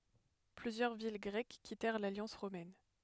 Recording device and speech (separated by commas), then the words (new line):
headset microphone, read sentence
Plusieurs villes grecques quittèrent l’alliance romaine.